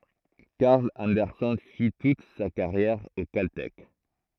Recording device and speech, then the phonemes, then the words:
throat microphone, read sentence
kaʁl ɑ̃dɛʁsɛn fi tut sa kaʁjɛʁ o kaltɛk
Carl Anderson fit toute sa carrière au Caltech.

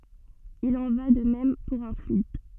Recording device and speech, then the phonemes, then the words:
soft in-ear microphone, read sentence
il ɑ̃ va də mɛm puʁ œ̃ flyid
Il en va de même pour un fluide.

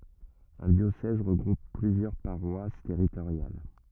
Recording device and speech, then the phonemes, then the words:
rigid in-ear microphone, read sentence
œ̃ djosɛz ʁəɡʁup plyzjœʁ paʁwas tɛʁitoʁjal
Un diocèse regroupe plusieurs paroisses territoriales.

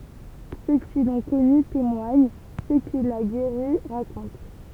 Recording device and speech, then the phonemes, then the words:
temple vibration pickup, read sentence
sø ki lɔ̃ kɔny temwaɲ sø kil a ɡeʁi ʁakɔ̃t
Ceux qui l'ont connu témoignent, ceux qu'il a guéris racontent.

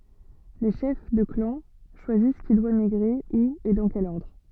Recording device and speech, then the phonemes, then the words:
soft in-ear microphone, read sentence
le ʃɛf də klɑ̃ ʃwazis ki dwa miɡʁe u e dɑ̃ kɛl ɔʁdʁ
Les chefs de clans choisissent qui doit migrer, où et dans quel ordre.

